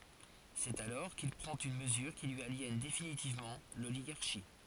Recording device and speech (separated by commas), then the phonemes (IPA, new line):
forehead accelerometer, read sentence
sɛt alɔʁ kil pʁɑ̃t yn məzyʁ ki lyi aljɛn definitivmɑ̃ loliɡaʁʃi